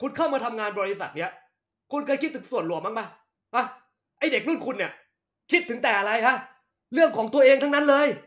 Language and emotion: Thai, angry